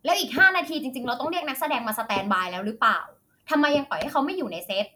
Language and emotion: Thai, angry